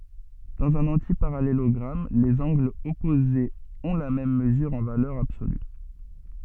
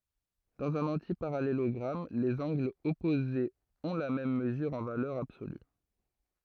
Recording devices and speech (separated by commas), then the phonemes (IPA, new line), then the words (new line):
soft in-ear microphone, throat microphone, read sentence
dɑ̃z œ̃n ɑ̃tipaʁalelɔɡʁam lez ɑ̃ɡlz ɔpozez ɔ̃ la mɛm məzyʁ ɑ̃ valœʁ absoly
Dans un antiparallélogramme, les angles opposés ont la même mesure en valeur absolue.